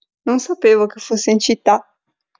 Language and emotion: Italian, surprised